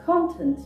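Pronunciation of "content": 'Content' is pronounced the way the noun is said, not the way the verb or adjective is said.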